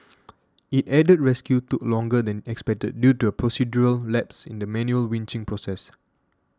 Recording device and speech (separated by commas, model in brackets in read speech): standing microphone (AKG C214), read sentence